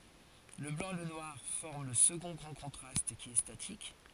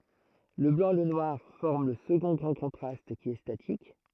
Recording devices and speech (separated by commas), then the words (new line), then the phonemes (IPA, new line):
forehead accelerometer, throat microphone, read sentence
Le blanc et le noir forment le second grand contraste, qui est statique.
lə blɑ̃ e lə nwaʁ fɔʁm lə səɡɔ̃ ɡʁɑ̃ kɔ̃tʁast ki ɛ statik